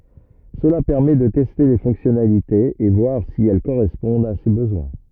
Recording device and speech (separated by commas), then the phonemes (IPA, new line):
rigid in-ear microphone, read sentence
səla pɛʁmɛ də tɛste le fɔ̃ksjɔnalitez e vwaʁ si ɛl koʁɛspɔ̃dt a se bəzwɛ̃